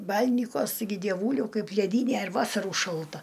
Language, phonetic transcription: Lithuanian, ˈbal'nikuos taiˈgi dieˈvūliau ˈkaip leˈdyne ir ˈvasaru šalˈta

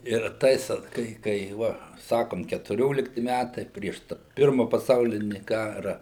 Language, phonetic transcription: Lithuanian, ir ˈtais ot ˈkai kai ˈva ˈsakom ketuˈriolikti ˈmætai ˈprieš ta ˈpirma paˈsaulini ˈkara

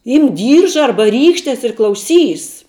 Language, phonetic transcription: Lithuanian, ˈymk ˈdyrža ˈarba ˈrykštes ir klauˈsys

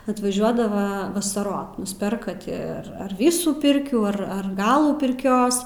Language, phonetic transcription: Lithuanian, atvaˈžiuodava vasaˈrot nusˈperka ˈti ˈar ar ˈvysų ˈpirkių ˈar ar ˈgalų pirˈkios

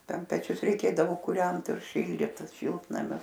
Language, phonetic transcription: Lithuanian, ˈten peˈčius reiˈkėdavo kuˈrent ir ˈšildyt ˈšiltnamius

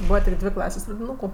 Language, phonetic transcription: Lithuanian, ˈbūva tik ˈdvė ˈklasės' pradiˈnūku

